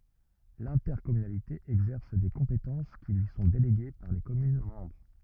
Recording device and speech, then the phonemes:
rigid in-ear microphone, read sentence
lɛ̃tɛʁkɔmynalite ɛɡzɛʁs de kɔ̃petɑ̃s ki lyi sɔ̃ deleɡe paʁ le kɔmyn mɑ̃bʁ

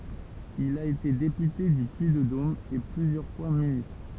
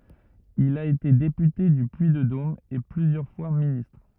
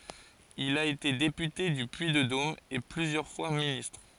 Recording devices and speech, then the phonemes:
temple vibration pickup, rigid in-ear microphone, forehead accelerometer, read sentence
il a ete depyte dy pyiddom e plyzjœʁ fwa ministʁ

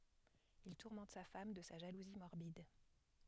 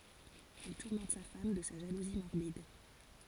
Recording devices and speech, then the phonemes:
headset microphone, forehead accelerometer, read sentence
il tuʁmɑ̃t sa fam də sa ʒaluzi mɔʁbid

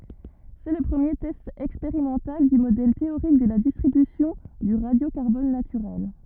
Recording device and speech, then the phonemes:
rigid in-ear microphone, read sentence
sɛ lə pʁəmje tɛst ɛkspeʁimɑ̃tal dy modɛl teoʁik də la distʁibysjɔ̃ dy ʁadjokaʁbɔn natyʁɛl

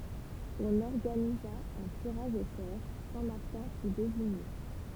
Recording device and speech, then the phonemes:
temple vibration pickup, read sentence
ɔ̃n ɔʁɡaniza œ̃ tiʁaʒ o sɔʁ sɛ̃ maʁtɛ̃ fy deziɲe

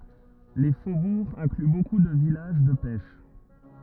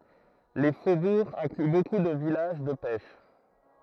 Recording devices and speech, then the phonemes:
rigid in-ear microphone, throat microphone, read sentence
le fobuʁz ɛ̃kly boku də vilaʒ də pɛʃ

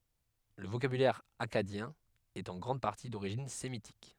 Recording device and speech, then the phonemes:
headset microphone, read sentence
lə vokabylɛʁ akkadjɛ̃ ɛt ɑ̃ ɡʁɑ̃d paʁti doʁiʒin semitik

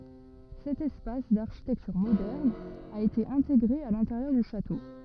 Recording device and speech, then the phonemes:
rigid in-ear microphone, read sentence
sɛt ɛspas daʁʃitɛktyʁ modɛʁn a ete ɛ̃teɡʁe a lɛ̃teʁjœʁ dy ʃato

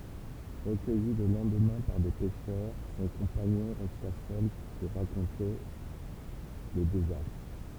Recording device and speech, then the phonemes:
temple vibration pickup, read sentence
ʁəkœji lə lɑ̃dmɛ̃ paʁ de pɛʃœʁ sɔ̃ kɔ̃paɲɔ̃ ʁɛsta sœl puʁ ʁakɔ̃te lə dezastʁ

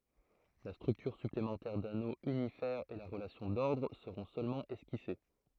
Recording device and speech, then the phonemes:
throat microphone, read sentence
la stʁyktyʁ syplemɑ̃tɛʁ dano ynifɛʁ e la ʁəlasjɔ̃ dɔʁdʁ səʁɔ̃ sølmɑ̃ ɛskise

